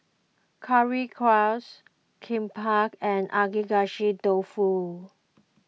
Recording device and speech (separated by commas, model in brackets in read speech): mobile phone (iPhone 6), read sentence